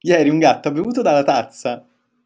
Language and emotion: Italian, happy